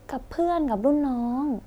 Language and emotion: Thai, neutral